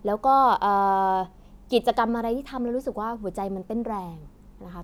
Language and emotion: Thai, neutral